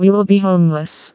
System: TTS, vocoder